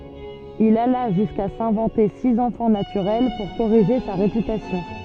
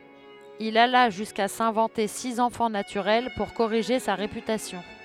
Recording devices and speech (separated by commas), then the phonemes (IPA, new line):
soft in-ear microphone, headset microphone, read sentence
il ala ʒyska sɛ̃vɑ̃te siz ɑ̃fɑ̃ natyʁɛl puʁ koʁiʒe sa ʁepytasjɔ̃